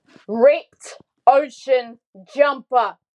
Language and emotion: English, angry